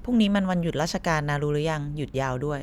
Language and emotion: Thai, neutral